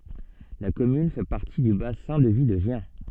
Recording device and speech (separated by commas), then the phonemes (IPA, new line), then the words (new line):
soft in-ear microphone, read sentence
la kɔmyn fɛ paʁti dy basɛ̃ də vi də ʒjɛ̃
La commune fait partie du bassin de vie de Gien.